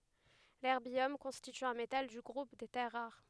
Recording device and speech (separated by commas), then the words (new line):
headset microphone, read sentence
L'erbium constitue un métal du groupe des terres rares.